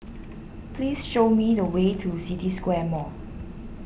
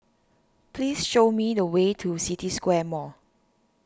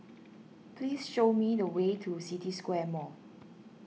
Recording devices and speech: boundary microphone (BM630), standing microphone (AKG C214), mobile phone (iPhone 6), read sentence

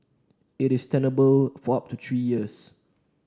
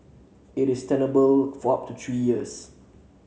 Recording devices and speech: standing microphone (AKG C214), mobile phone (Samsung C7), read sentence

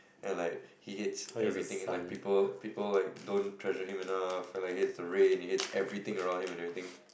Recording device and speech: boundary microphone, conversation in the same room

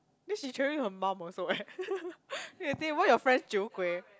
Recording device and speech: close-talking microphone, conversation in the same room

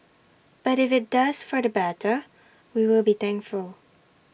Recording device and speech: boundary microphone (BM630), read sentence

